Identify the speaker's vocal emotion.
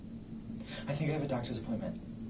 neutral